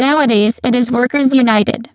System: VC, spectral filtering